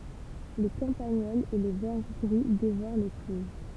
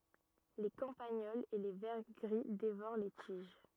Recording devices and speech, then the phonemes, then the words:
temple vibration pickup, rigid in-ear microphone, read sentence
le kɑ̃paɲɔlz e le vɛʁ ɡʁi devoʁ le tiʒ
Les campagnols et les vers gris dévorent les tiges.

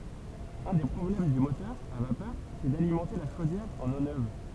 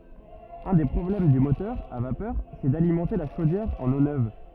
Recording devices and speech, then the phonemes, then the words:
temple vibration pickup, rigid in-ear microphone, read sentence
œ̃ de pʁɔblɛm dy motœʁ a vapœʁ sɛ dalimɑ̃te la ʃodjɛʁ ɑ̃n o nøv
Un des problèmes du moteur à vapeur, c'est d'alimenter la chaudière en eau neuve.

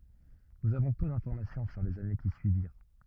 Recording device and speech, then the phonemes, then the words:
rigid in-ear microphone, read sentence
nuz avɔ̃ pø dɛ̃fɔʁmasjɔ̃ syʁ lez ane ki syiviʁ
Nous avons peu d’information sur les années qui suivirent.

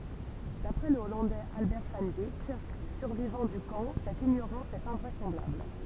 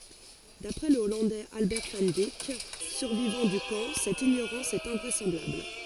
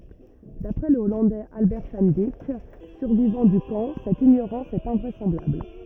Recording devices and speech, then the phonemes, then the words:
temple vibration pickup, forehead accelerometer, rigid in-ear microphone, read sentence
dapʁɛ lə ɔlɑ̃dɛz albɛʁ van dik syʁvivɑ̃ dy kɑ̃ sɛt iɲoʁɑ̃s ɛt ɛ̃vʁɛsɑ̃blabl
D'après le Hollandais Albert van Dijk, survivant du camp, cette ignorance est invraisemblable.

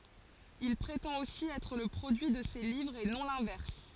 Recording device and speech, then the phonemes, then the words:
forehead accelerometer, read sentence
il pʁetɑ̃t osi ɛtʁ lə pʁodyi də se livʁz e nɔ̃ lɛ̃vɛʁs
Il prétend aussi être le produit de ses livres et non l'inverse.

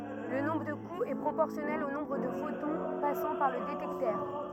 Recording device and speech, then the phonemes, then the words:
rigid in-ear microphone, read sentence
lə nɔ̃bʁ də kuz ɛ pʁopɔʁsjɔnɛl o nɔ̃bʁ də fotɔ̃ pasɑ̃ paʁ lə detɛktœʁ
Le nombre de coups est proportionnel au nombre de photons passant par le détecteur.

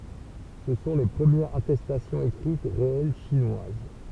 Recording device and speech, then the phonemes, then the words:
temple vibration pickup, read sentence
sə sɔ̃ le pʁəmjɛʁz atɛstasjɔ̃z ekʁit ʁeɛl ʃinwaz
Ce sont les premières attestations écrites réelles chinoises.

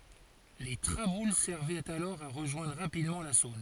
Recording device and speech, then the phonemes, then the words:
forehead accelerometer, read sentence
le tʁabul sɛʁvɛt alɔʁ a ʁəʒwɛ̃dʁ ʁapidmɑ̃ la sɔ̃n
Les traboules servaient alors à rejoindre rapidement la Saône.

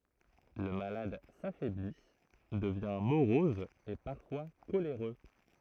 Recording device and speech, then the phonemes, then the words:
throat microphone, read sentence
lə malad safɛbli dəvjɛ̃ moʁɔz e paʁfwa koleʁø
Le malade s'affaiblit, devient morose et parfois coléreux.

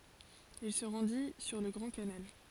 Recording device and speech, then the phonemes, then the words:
forehead accelerometer, read sentence
il sə ʁɑ̃di syʁ lə ɡʁɑ̃ kanal
Il se rendit sur le Grand Canal.

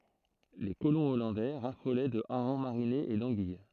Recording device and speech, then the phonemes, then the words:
throat microphone, read sentence
le kolɔ̃ ɔlɑ̃dɛ ʁafolɛ də aʁɑ̃ maʁinez e dɑ̃ɡij
Les colons hollandais raffolaient de harengs marinés et d'anguilles.

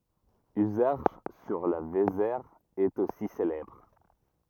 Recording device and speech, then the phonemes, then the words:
rigid in-ear microphone, read sentence
yzɛʁʃ syʁ la vezɛʁ ɛt osi selɛbʁ
Uzerche, sur la Vézère, est aussi célèbre.

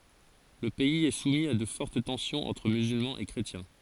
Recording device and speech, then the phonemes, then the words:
forehead accelerometer, read sentence
lə pɛiz ɛ sumi a də fɔʁt tɑ̃sjɔ̃z ɑ̃tʁ myzylmɑ̃z e kʁetjɛ̃
Le pays est soumis à de fortes tensions entre musulmans et chrétiens.

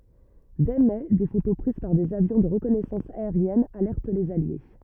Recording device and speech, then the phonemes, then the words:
rigid in-ear microphone, read sentence
dɛ mɛ de foto pʁiz paʁ dez avjɔ̃ də ʁəkɔnɛsɑ̃s aeʁjɛn alɛʁt lez alje
Dès mai des photos prises par des avions de reconnaissance aérienne alertent les alliés.

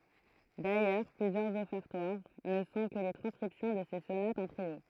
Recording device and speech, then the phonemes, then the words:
throat microphone, read sentence
dajœʁ plyzjœʁz ɔfɛʁtwaʁ nə sɔ̃ kə le tʁɑ̃skʁipsjɔ̃ də se sonatz ɑ̃ tʁio
D'ailleurs, plusieurs Offertoires ne sont que les transcriptions de ses sonates en trio.

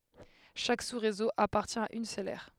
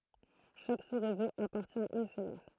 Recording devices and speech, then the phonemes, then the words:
headset microphone, throat microphone, read sentence
ʃak susʁezo apaʁtjɛ̃ a yn sœl ɛʁ
Chaque sous-réseau appartient à une seule aire.

